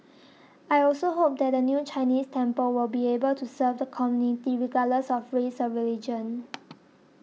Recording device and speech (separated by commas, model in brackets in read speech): mobile phone (iPhone 6), read sentence